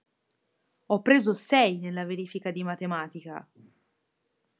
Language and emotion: Italian, angry